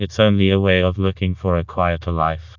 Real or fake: fake